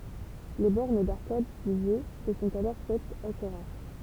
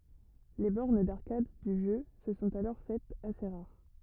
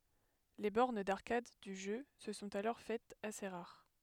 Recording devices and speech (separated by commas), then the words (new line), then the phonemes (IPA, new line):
temple vibration pickup, rigid in-ear microphone, headset microphone, read sentence
Les bornes d'arcade du jeu se sont alors faites assez rares.
le bɔʁn daʁkad dy ʒø sə sɔ̃t alɔʁ fɛtz ase ʁaʁ